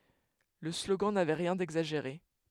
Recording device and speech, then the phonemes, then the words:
headset microphone, read sentence
lə sloɡɑ̃ navɛ ʁjɛ̃ dɛɡzaʒeʁe
Le slogan n'avait rien d'exagéré.

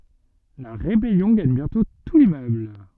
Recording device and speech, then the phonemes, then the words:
soft in-ear microphone, read sentence
la ʁebɛljɔ̃ ɡaɲ bjɛ̃tɔ̃ tu limmøbl
La rébellion gagne bientôt tout l'immeuble.

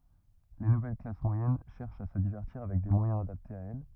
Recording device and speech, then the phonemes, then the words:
rigid in-ear microphone, read sentence
le nuvɛl klas mwajɛn ʃɛʁʃt a sə divɛʁtiʁ avɛk de mwajɛ̃z adaptez a ɛl
Les nouvelles classes moyennes cherchent à se divertir avec des moyens adaptés à elles.

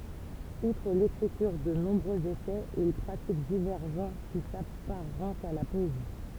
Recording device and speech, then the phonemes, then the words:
temple vibration pickup, read sentence
utʁ lekʁityʁ də nɔ̃bʁøz esɛz il pʁatik divɛʁ ʒɑ̃ʁ ki sapaʁɑ̃tt a la pɔezi
Outre l'écriture de nombreux essais, il pratique divers genres qui s'apparentent à la poésie.

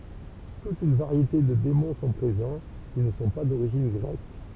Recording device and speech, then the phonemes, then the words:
temple vibration pickup, read sentence
tut yn vaʁjete də demɔ̃ sɔ̃ pʁezɑ̃ ki nə sɔ̃ pa doʁiʒin ɡʁɛk
Toute une variété de démons sont présents, qui ne sont pas d'origine grecque.

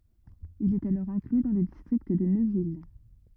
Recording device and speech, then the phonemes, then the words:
rigid in-ear microphone, read sentence
il ɛt alɔʁ ɛ̃kly dɑ̃ lə distʁikt də nøvil
Il est alors inclus dans le district de Neuville.

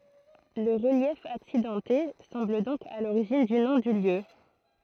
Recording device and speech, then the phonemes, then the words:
throat microphone, read sentence
lə ʁəljɛf aksidɑ̃te sɑ̃bl dɔ̃k a loʁiʒin dy nɔ̃ dy ljø
Le relief accidenté semble donc à l'origine du nom du lieu.

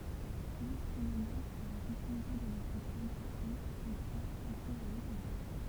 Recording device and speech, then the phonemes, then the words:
temple vibration pickup, read sentence
lotʁ mənas a la sekyʁite də notʁ tʁadisjɔ̃ ʒə kʁwa sə tʁuv a lɛ̃teʁjœʁ
L'autre menace à la sécurité de notre tradition, je crois, se trouve à l'intérieur.

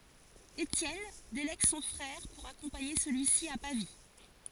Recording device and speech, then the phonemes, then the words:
forehead accelerometer, read sentence
etjɛn delɛɡ sɔ̃ fʁɛʁ puʁ akɔ̃paɲe səlyi si a pavi
Étienne délègue son frère pour accompagner celui-ci à Pavie.

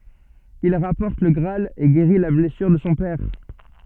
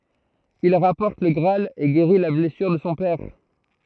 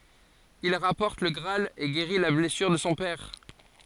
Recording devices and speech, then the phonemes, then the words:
soft in-ear microphone, throat microphone, forehead accelerometer, read sentence
il ʁapɔʁt lə ɡʁaal e ɡeʁi la blɛsyʁ də sɔ̃ pɛʁ
Il rapporte le Graal et guérit la blessure de son père.

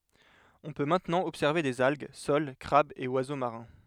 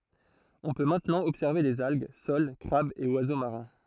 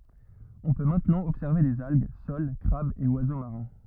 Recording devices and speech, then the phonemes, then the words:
headset microphone, throat microphone, rigid in-ear microphone, read sentence
ɔ̃ pø mɛ̃tnɑ̃ ɔbsɛʁve dez alɡ sol kʁabz e wazo maʁɛ̃
On peut maintenant observer des algues, soles, crabes et oiseaux marins.

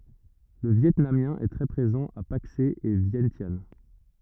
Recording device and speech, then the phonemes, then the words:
rigid in-ear microphone, read sentence
lə vjɛtnamjɛ̃ ɛ tʁɛ pʁezɑ̃ a pakse e vjɛ̃sjan
Le vietnamien est très présent à Paksé et Vientiane.

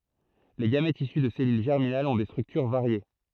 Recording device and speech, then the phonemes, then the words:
throat microphone, read sentence
le ɡamɛtz isy də sɛlyl ʒɛʁminalz ɔ̃ de stʁyktyʁ vaʁje
Les gamètes issus de cellules germinales ont des structures variées.

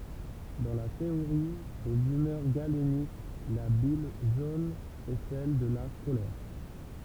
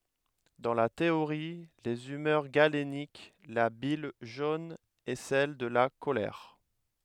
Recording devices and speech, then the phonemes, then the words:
temple vibration pickup, headset microphone, read sentence
dɑ̃ la teoʁi dez ymœʁ ɡalenik la bil ʒon ɛ sɛl də la kolɛʁ
Dans la théorie des humeurs galénique, la bile jaune est celle de la colère.

